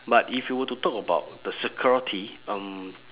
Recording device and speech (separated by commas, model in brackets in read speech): telephone, conversation in separate rooms